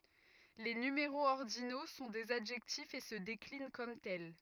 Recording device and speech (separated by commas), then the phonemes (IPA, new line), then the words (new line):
rigid in-ear microphone, read sentence
le nymeʁoz ɔʁdino sɔ̃ dez adʒɛktifz e sə deklin kɔm tɛl
Les numéraux ordinaux sont des adjectifs et se déclinent comme tels.